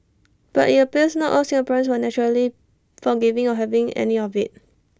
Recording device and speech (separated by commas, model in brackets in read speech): standing microphone (AKG C214), read sentence